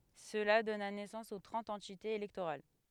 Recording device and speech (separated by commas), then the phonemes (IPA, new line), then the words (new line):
headset microphone, read sentence
səla dɔna nɛsɑ̃s o tʁɑ̃t ɑ̃titez elɛktoʁal
Cela donna naissance aux trente entités électorales.